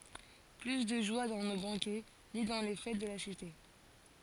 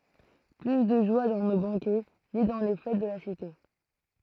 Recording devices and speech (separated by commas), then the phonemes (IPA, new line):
forehead accelerometer, throat microphone, read sentence
ply də ʒwa dɑ̃ no bɑ̃kɛ ni dɑ̃ le fɛt də la site